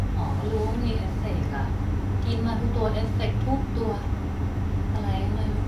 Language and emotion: Thai, frustrated